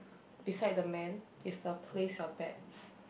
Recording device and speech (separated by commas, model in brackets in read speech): boundary microphone, conversation in the same room